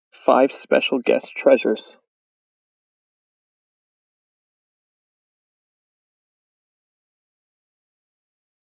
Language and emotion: English, sad